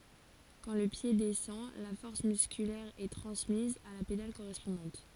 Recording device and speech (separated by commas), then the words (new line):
forehead accelerometer, read sentence
Quand le pied descend, la force musculaire est transmise à la pédale correspondante.